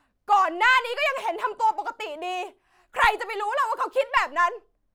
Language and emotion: Thai, angry